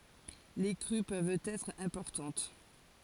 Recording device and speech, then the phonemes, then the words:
forehead accelerometer, read sentence
le kʁy pøvt ɛtʁ ɛ̃pɔʁtɑ̃t
Les crues peuvent être importantes.

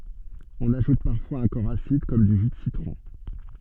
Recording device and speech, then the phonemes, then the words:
soft in-ear microphone, read sentence
ɔ̃n aʒut paʁfwaz œ̃ kɔʁ asid kɔm dy ʒy də sitʁɔ̃
On ajoute parfois un corps acide comme du jus de citron.

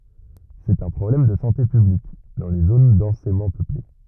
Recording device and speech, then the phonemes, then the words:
rigid in-ear microphone, read sentence
sɛt œ̃ pʁɔblɛm də sɑ̃te pyblik dɑ̃ le zon dɑ̃semɑ̃ pøple
C'est un problème de santé publique dans les zones densément peuplées.

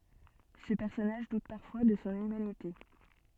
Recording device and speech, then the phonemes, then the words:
soft in-ear microphone, read sentence
sə pɛʁsɔnaʒ dut paʁfwa də sɔ̃ ymanite
Ce personnage doute parfois de son humanité.

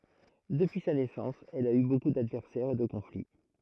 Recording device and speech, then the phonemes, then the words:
throat microphone, read sentence
dəpyi sa nɛsɑ̃s ɛl a y boku dadvɛʁsɛʁz e də kɔ̃fli
Depuis sa naissance, elle a eu beaucoup d'adversaires et de conflits.

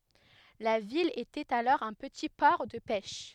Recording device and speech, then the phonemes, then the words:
headset microphone, read sentence
la vil etɛt alɔʁ œ̃ pəti pɔʁ də pɛʃ
La ville était alors un petit port de pêche.

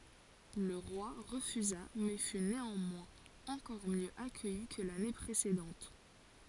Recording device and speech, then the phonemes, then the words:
forehead accelerometer, read sentence
lə ʁwa ʁəfyza mɛ fy neɑ̃mwɛ̃z ɑ̃kɔʁ mjø akœji kə lane pʁesedɑ̃t
Le roi refusa mais fut néanmoins encore mieux accueilli que l'année précédente.

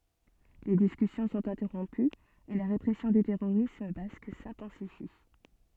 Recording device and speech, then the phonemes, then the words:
soft in-ear microphone, read sentence
le diskysjɔ̃ sɔ̃t ɛ̃tɛʁɔ̃pyz e la ʁepʁɛsjɔ̃ dy tɛʁoʁism bask sɛ̃tɑ̃sifi
Les discussions sont interrompues et la répression du terrorisme basque s'intensifie.

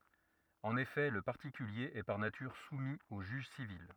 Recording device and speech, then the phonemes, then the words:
rigid in-ear microphone, read sentence
ɑ̃n efɛ lə paʁtikylje ɛ paʁ natyʁ sumi o ʒyʒ sivil
En effet, le particulier est par nature soumis au juge civil.

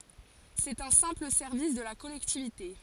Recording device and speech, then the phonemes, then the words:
forehead accelerometer, read sentence
sɛt œ̃ sɛ̃pl sɛʁvis də la kɔlɛktivite
C'est un simple service de la collectivité.

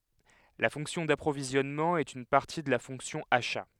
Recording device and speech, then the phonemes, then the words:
headset microphone, read sentence
la fɔ̃ksjɔ̃ dapʁovizjɔnmɑ̃ ɛt yn paʁti də la fɔ̃ksjɔ̃ aʃa
La fonction d'approvisionnement est une partie de la fonction achats.

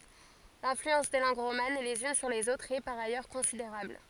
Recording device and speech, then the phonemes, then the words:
forehead accelerometer, read sentence
lɛ̃flyɑ̃s de lɑ̃ɡ ʁoman lez yn syʁ lez otʁz ɛ paʁ ajœʁ kɔ̃sideʁabl
L'influence des langues romanes les unes sur les autres est par ailleurs considérable.

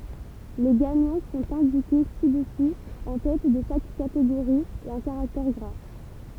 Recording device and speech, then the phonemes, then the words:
temple vibration pickup, read sentence
le ɡaɲɑ̃ sɔ̃t ɛ̃dike si dəsu ɑ̃ tɛt də ʃak kateɡoʁi e ɑ̃ kaʁaktɛʁ ɡʁa
Les gagnants sont indiqués ci-dessous en tête de chaque catégorie et en caractères gras.

